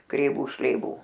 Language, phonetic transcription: Lithuanian, kreiˈvų šleiˈvų

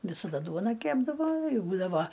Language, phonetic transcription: Lithuanian, visaˈda ˈduona ˈkepdavo ˈbūdava

